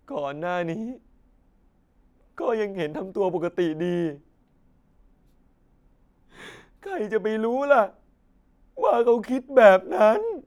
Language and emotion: Thai, sad